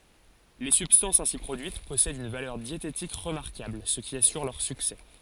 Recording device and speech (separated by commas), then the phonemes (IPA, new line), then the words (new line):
forehead accelerometer, read sentence
le sybstɑ̃sz ɛ̃si pʁodyit pɔsɛdt yn valœʁ djetetik ʁəmaʁkabl sə ki asyʁ lœʁ syksɛ
Les substances ainsi produites possèdent une valeur diététique remarquable, ce qui assure leur succès.